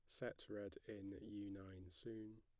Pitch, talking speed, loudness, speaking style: 100 Hz, 165 wpm, -53 LUFS, plain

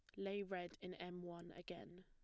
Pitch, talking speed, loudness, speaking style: 180 Hz, 195 wpm, -50 LUFS, plain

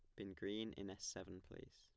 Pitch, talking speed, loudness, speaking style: 95 Hz, 230 wpm, -50 LUFS, plain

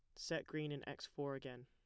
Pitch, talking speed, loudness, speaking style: 140 Hz, 250 wpm, -46 LUFS, plain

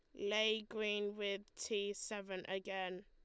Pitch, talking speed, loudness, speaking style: 205 Hz, 125 wpm, -41 LUFS, Lombard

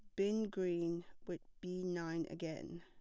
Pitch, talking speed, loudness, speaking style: 175 Hz, 140 wpm, -41 LUFS, plain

